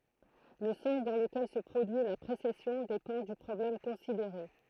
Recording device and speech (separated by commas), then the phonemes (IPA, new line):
throat microphone, read sentence
lə sɑ̃s dɑ̃ ləkɛl sə pʁodyi la pʁesɛsjɔ̃ depɑ̃ dy pʁɔblɛm kɔ̃sideʁe